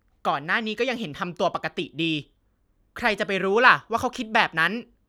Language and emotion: Thai, frustrated